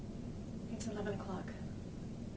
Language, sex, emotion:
English
female
fearful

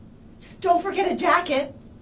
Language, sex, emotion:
English
female
neutral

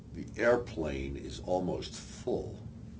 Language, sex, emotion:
English
male
neutral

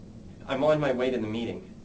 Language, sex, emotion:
English
male
neutral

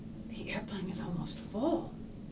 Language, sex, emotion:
English
female
neutral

